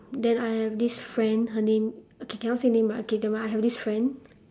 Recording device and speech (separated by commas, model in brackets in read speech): standing microphone, conversation in separate rooms